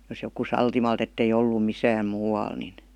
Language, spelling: Finnish, jos joku sattumalta että ei ollut missään muualla niin
- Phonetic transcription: jos joku "saltimalt ‿ettei "ollu "misääm "muu₍al nin .

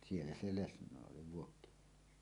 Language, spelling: Finnish, siellä se lesnoi oli Vuokkiniemessä
- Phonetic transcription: siellä se "lesǹòe oli 'Vuokkiniemessä .

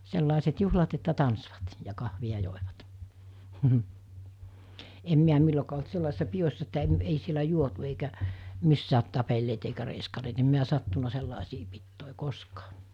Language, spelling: Finnish, sellaiset juhlat että tanssivat ja kahvia joivat en minä milloinkaan ollut sellaisissa pidoissa että - ei siellä juotu eikä missään tapelleet eikä reiskaneet en minä sattunut sellaisiin pitoihin koskaan
- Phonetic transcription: 'sellàeset 'juhlat että 'tansvat , ja 'kahvi₍a 'jòevat , em miä 'millokaa olt 'sellàesissa 'pijossa että em- , ei sielä 'juotu eikä , 'missäät tapelleet eikä reiskaneet em miä 'sattuna 'sellàesii pittòe "koskaa .

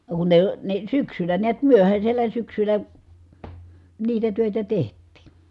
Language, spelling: Finnish, no kun ne ne syksyllä näet myöhäisellä syksyllä niitä töitä tehtiin
- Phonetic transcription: no kun ne , ne syksylä niät myöhäśellä syksylä , niitä tö̀etä teht̆tiin̬ .

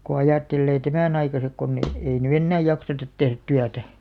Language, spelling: Finnish, kun ajattelee tämän aikaiset kun - ei nyt enää jakseta tehdä työtä
- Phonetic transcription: ko 'ajàttellee "tämä̀'n ‿aikasek konn ‿e- , 'ei ny "ennää 'jaksetat tehrᵃ̈t 'tyätä .

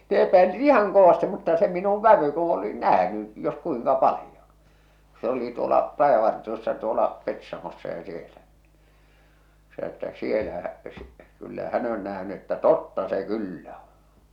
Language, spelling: Finnish, ne epäili ihan kovasti mutta se minun vävy kun oli nähnyt jos kuinka paljon kun se oli tuolla rajavartiossa tuolla Petsamossa ja siellä se sanoi että siellä kyllä hän on nähnyt että totta se kyllä on
- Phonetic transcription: ne epäilit "ihaŋ 'kovasti mutta se minuv "vävy ku oli "nähny , jos 'kuiŋka "palⁱjoɴ , kᴜ se oli tuola , 'rajavartiossa tuola , 'Petsamossa ja sielä , se sᵃⁿᵒ että "sielä , kyllä "hä'n ‿ö̳n nähny että "totta se "kyllä ᴏɴ̬ .

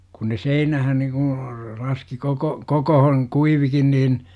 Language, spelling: Finnish, kun ne seinään niin kuin laski koko kokoon kuivuikin niin
- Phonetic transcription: kun ne "seinähän nikuṵ , 'laski koko- , 'kokohoŋ§ , "kuivikin niin .

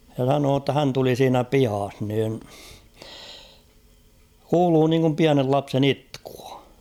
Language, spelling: Finnish, ja sanoi jotta hän tuli siinä pihassa niin kuului niin kuin pienen lapsen itkua
- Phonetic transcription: ja sanoo ‿tta 'hän tuli siinä "pihah niin , "kuuluu niiŋkum 'piänel 'lapsen ‿''itkᴜᴀ .

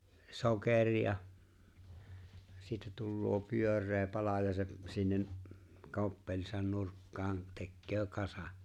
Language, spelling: Finnish, sokeria siitä tulee pyöreä pala ja se sinne koppelinsa nurkkaan tekee kasan
- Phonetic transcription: 'soker̀ia , siitä tulloo 'pyör̆ree 'pala ja 'se’ , 'sinne’ , 'koppeĺisan 'nurkkaan , 'tekköö 'kasa’ .

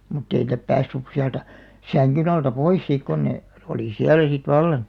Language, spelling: Finnish, mutta ei niitä päässyt sieltä sängyn alta pois sitten kun ne oli siellä sitten vallan
- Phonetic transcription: mutt ‿ei nⁱtä 'päässys 'siältä , 'säŋkyn ‿alta "pois sìk kon ne , olì "siälä sit 'vallan̬ .

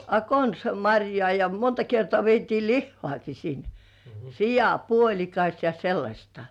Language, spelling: Finnish, a konsa marjaa ja monta kertaa vietiin lihaakin sinne sianpuolikas ja sellaista
- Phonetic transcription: a 'konsa "maŕjŏà ja monta 'kertŏà vietii "lihhŏàki sin , "sijà"puoĺikas ja 'sellaśtᴀ .

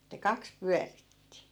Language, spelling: Finnish, että kaksi pyöritti
- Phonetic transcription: että "kaks "pyäritti .

